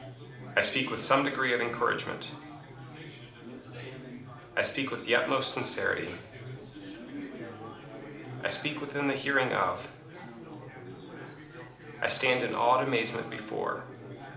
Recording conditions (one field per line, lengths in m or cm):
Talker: one person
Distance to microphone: 2.0 m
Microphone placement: close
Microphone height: 99 cm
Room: medium-sized (5.7 m by 4.0 m)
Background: babble